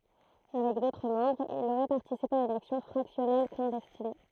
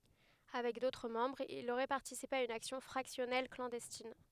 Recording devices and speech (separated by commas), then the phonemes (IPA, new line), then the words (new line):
throat microphone, headset microphone, read sentence
avɛk dotʁ mɑ̃bʁz il oʁɛ paʁtisipe a yn aksjɔ̃ fʁaksjɔnɛl klɑ̃dɛstin
Avec d'autres membres, il aurait participé à une action fractionnelle clandestine.